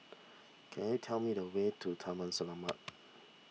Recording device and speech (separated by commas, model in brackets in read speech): mobile phone (iPhone 6), read sentence